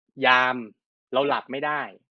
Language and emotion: Thai, neutral